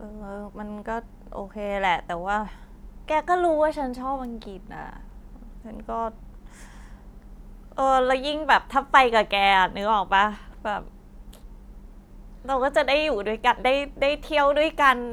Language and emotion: Thai, frustrated